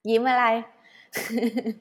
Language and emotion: Thai, happy